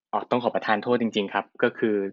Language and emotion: Thai, neutral